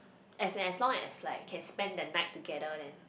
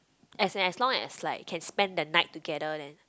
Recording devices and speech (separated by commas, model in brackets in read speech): boundary microphone, close-talking microphone, conversation in the same room